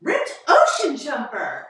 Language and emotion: English, happy